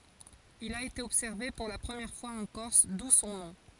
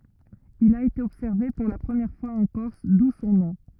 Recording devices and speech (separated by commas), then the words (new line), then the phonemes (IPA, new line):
forehead accelerometer, rigid in-ear microphone, read sentence
Il a été observé pour la première fois en Corse, d'où son nom.
il a ete ɔbsɛʁve puʁ la pʁəmjɛʁ fwaz ɑ̃ kɔʁs du sɔ̃ nɔ̃